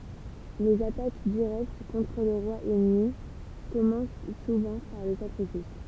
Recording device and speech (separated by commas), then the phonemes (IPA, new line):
temple vibration pickup, read sentence
lez atak diʁɛkt kɔ̃tʁ lə ʁwa ɛnmi kɔmɑ̃s suvɑ̃ paʁ de sakʁifis